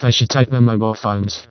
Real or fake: fake